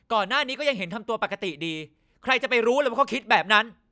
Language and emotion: Thai, angry